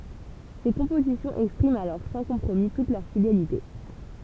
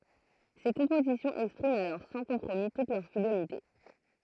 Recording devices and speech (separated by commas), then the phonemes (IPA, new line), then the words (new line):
temple vibration pickup, throat microphone, read sentence
se kɔ̃pozisjɔ̃z ɛkspʁimt alɔʁ sɑ̃ kɔ̃pʁomi tut lœʁ fidelite
Ses compositions expriment alors sans compromis toute leur fidélité.